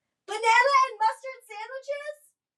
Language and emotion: English, angry